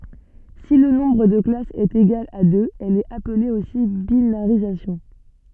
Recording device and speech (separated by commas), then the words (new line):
soft in-ear microphone, read sentence
Si le nombre de classes est égal à deux, elle est appelée aussi binarisation.